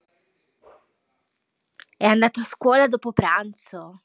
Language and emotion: Italian, surprised